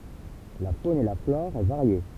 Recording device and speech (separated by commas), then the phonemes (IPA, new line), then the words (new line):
temple vibration pickup, read sentence
la fon e la flɔʁ ɛ vaʁje
La faune et la flore est variée.